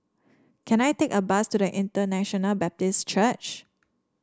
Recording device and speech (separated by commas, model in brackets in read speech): standing microphone (AKG C214), read sentence